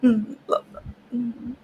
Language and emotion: Thai, sad